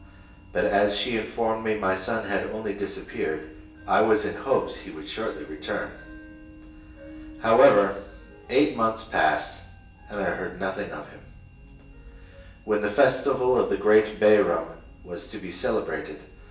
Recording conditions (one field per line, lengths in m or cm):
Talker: one person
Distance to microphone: 1.8 m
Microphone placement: close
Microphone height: 1.0 m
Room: large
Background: music